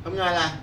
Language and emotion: Thai, neutral